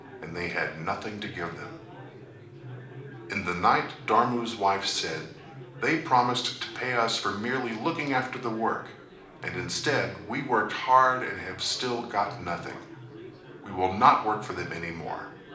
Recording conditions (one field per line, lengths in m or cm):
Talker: one person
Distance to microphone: 2.0 m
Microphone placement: close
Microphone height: 99 cm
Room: medium-sized (5.7 m by 4.0 m)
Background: babble